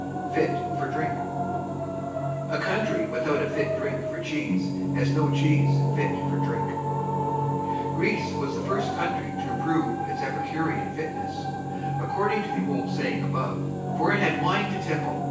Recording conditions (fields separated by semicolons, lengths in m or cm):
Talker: one person; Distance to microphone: 9.8 m; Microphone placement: far; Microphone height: 1.8 m; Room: large; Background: television